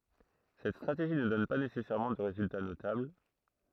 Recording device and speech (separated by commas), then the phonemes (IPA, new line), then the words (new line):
throat microphone, read sentence
sɛt stʁateʒi nə dɔn pa nesɛsɛʁmɑ̃ də ʁezylta notabl
Cette stratégie ne donne pas nécessairement de résultat notable.